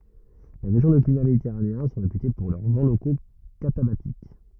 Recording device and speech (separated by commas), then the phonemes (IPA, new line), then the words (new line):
rigid in-ear microphone, read sentence
le ʁeʒjɔ̃ də klima meditɛʁaneɛ̃ sɔ̃ ʁepyte puʁ lœʁ vɑ̃ loko katabatik
Les régions de climat méditerranéen sont réputées pour leurs vents locaux catabatiques.